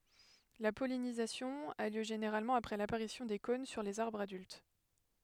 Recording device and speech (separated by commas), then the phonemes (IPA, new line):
headset microphone, read sentence
la pɔlinizasjɔ̃ a ljø ʒeneʁalmɑ̃ apʁɛ lapaʁisjɔ̃ de kɔ̃n syʁ lez aʁbʁz adylt